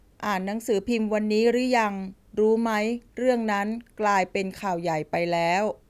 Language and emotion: Thai, neutral